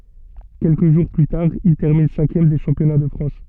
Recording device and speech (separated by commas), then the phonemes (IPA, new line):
soft in-ear microphone, read sentence
kɛlkə ʒuʁ ply taʁ il tɛʁmin sɛ̃kjɛm de ʃɑ̃pjɔna də fʁɑ̃s